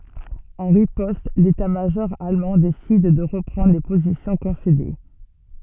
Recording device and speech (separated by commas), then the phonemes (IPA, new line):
soft in-ear microphone, read sentence
ɑ̃ ʁipɔst letatmaʒɔʁ almɑ̃ desid də ʁəpʁɑ̃dʁ le pozisjɔ̃ kɔ̃sede